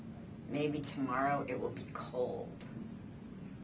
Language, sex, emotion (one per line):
English
female
neutral